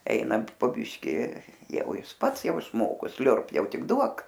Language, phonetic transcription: Lithuanian, ˈeinant po ˈbiški ˈjau ˈjis ˈpats ˈjau išˈmoko ˈsliurb ˈjau ˈtik ˈduok

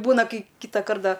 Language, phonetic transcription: Lithuanian, ˈbūna ˈkai ˈkytakart ˈda

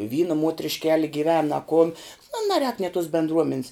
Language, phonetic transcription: Lithuanian, ˈvyna muotrišˈkeli giˈven a kun ˈnu naˈrēk nė tos bendˈruomen's

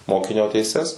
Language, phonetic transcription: Lithuanian, ˈmokinio teiˈses

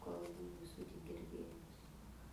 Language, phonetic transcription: Lithuanian, kalˈbų vi ˈsų tik girˈdėjus

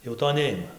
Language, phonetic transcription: Lithuanian, jau ˈto ˈneima

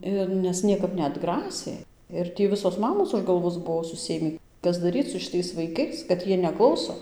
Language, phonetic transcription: Lithuanian, ˈir nes ˈniekap neatˈgrasė ir ˈtį ˈvisos ˈmamos už galˈvos ˈbuo suˈsėmį ˈkas daˈryc su šiˈtais vaiˈkais kad ˈjie neˈklauso

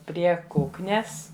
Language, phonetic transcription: Lithuanian, ˈprie ˈkuknes

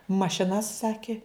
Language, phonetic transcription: Lithuanian, mašiˈnas ˈsaki

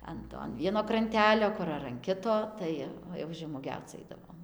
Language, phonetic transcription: Lithuanian, ˈan to an ˈvieno kranˈtelio ˈkur ar an ˈkito ˈtai jau žemuoˈgiauc ˈaidavom

